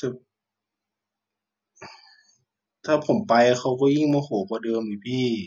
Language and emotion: Thai, frustrated